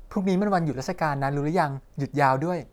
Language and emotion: Thai, neutral